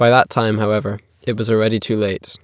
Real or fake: real